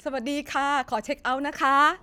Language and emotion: Thai, happy